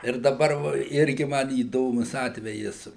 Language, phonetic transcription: Lithuanian, ir daˈbar va ˈirgi ˈman įˈdomus ˈatvejis

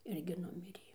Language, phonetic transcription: Lithuanian, ˈirgi ˈnumirė

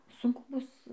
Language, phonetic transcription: Lithuanian, sunˈku ˈbus

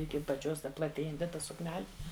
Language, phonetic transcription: Lithuanian, iki apaˈčios ˈta plaˈtėjanti ˈta sukˈneli

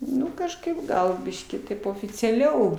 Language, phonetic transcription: Lithuanian, ˈnu kažˈkaip ˈgal ˈbiškį ˈtaip oficiaˈliau

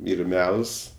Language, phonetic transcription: Lithuanian, ˈyr ˈmels

